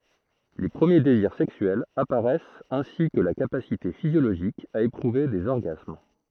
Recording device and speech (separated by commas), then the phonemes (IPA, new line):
throat microphone, read sentence
le pʁəmje deziʁ sɛksyɛlz apaʁɛst ɛ̃si kə la kapasite fizjoloʒik a epʁuve dez ɔʁɡasm